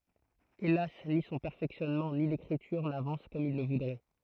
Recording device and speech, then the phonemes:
throat microphone, read sentence
elas ni sɔ̃ pɛʁfɛksjɔnmɑ̃ ni lekʁityʁ navɑ̃s kɔm il lə vudʁɛ

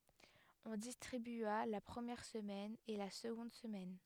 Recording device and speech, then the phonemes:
headset microphone, read sentence
ɔ̃ distʁibya la pʁəmjɛʁ səmɛn e la səɡɔ̃d səmɛn

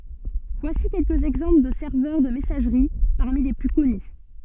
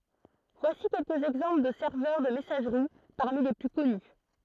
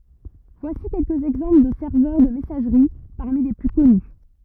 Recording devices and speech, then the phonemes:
soft in-ear microphone, throat microphone, rigid in-ear microphone, read sentence
vwasi kɛlkəz ɛɡzɑ̃pl də sɛʁvœʁ də mɛsaʒʁi paʁmi le ply kɔny

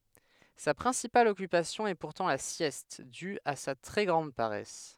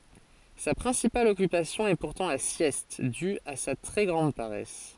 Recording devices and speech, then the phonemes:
headset microphone, forehead accelerometer, read sentence
sa pʁɛ̃sipal ɔkypasjɔ̃ ɛ puʁtɑ̃ la sjɛst dy a sa tʁɛ ɡʁɑ̃d paʁɛs

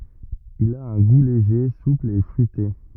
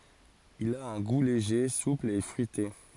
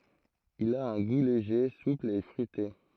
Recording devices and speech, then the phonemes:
rigid in-ear microphone, forehead accelerometer, throat microphone, read sentence
il a œ̃ ɡu leʒe supl e fʁyite

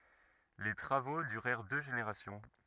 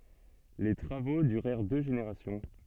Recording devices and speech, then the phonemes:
rigid in-ear microphone, soft in-ear microphone, read sentence
le tʁavo dyʁɛʁ dø ʒeneʁasjɔ̃

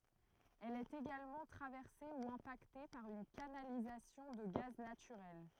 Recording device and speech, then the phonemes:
throat microphone, read sentence
ɛl ɛt eɡalmɑ̃ tʁavɛʁse u ɛ̃pakte paʁ yn kanalizasjɔ̃ də ɡaz natyʁɛl

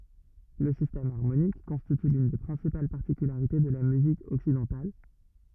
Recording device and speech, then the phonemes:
rigid in-ear microphone, read sentence
lə sistɛm aʁmonik kɔ̃stity lyn de pʁɛ̃sipal paʁtikylaʁite də la myzik ɔksidɑ̃tal

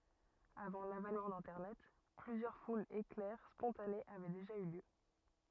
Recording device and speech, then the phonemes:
rigid in-ear microphone, read sentence
avɑ̃ lavɛnmɑ̃ dɛ̃tɛʁnɛt plyzjœʁ fulz eklɛʁ spɔ̃tanez avɛ deʒa y ljø

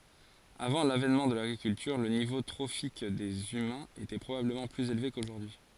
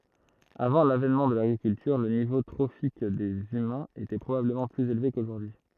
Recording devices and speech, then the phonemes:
forehead accelerometer, throat microphone, read sentence
avɑ̃ lavɛnmɑ̃ də laɡʁikyltyʁ lə nivo tʁofik dez ymɛ̃z etɛ pʁobabləmɑ̃ plyz elve koʒuʁdyi

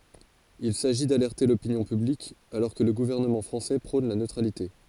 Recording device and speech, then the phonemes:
forehead accelerometer, read sentence
il saʒi dalɛʁte lopinjɔ̃ pyblik alɔʁ kə lə ɡuvɛʁnəmɑ̃ fʁɑ̃sɛ pʁɔ̃n la nøtʁalite

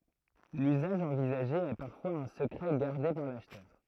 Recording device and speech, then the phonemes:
throat microphone, read sentence
lyzaʒ ɑ̃vizaʒe ɛ paʁfwaz œ̃ səkʁɛ ɡaʁde paʁ laʃtœʁ

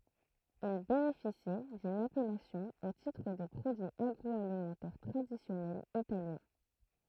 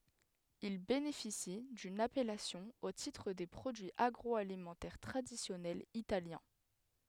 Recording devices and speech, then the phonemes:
throat microphone, headset microphone, read sentence
il benefisi dyn apɛlasjɔ̃ o titʁ de pʁodyiz aɡʁɔalimɑ̃tɛʁ tʁadisjɔnɛlz italjɛ̃

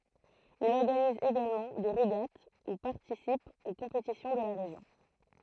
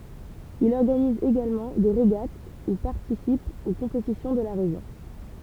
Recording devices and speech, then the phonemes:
throat microphone, temple vibration pickup, read sentence
il ɔʁɡaniz eɡalmɑ̃ de ʁeɡat u paʁtisip o kɔ̃petisjɔ̃ də la ʁeʒjɔ̃

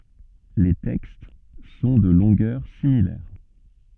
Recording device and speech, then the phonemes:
soft in-ear microphone, read sentence
le tɛkst sɔ̃ də lɔ̃ɡœʁ similɛʁ

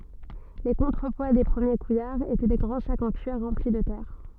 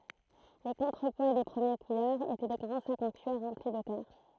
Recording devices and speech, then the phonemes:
soft in-ear microphone, throat microphone, read sentence
le kɔ̃tʁəpwa de pʁəmje kujaʁz etɛ de ɡʁɑ̃ sakz ɑ̃ kyiʁ ʁɑ̃pli də tɛʁ

